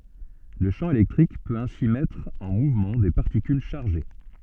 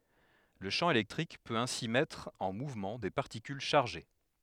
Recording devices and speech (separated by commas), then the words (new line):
soft in-ear microphone, headset microphone, read sentence
Le champ électrique peut ainsi mettre en mouvement des particules chargées.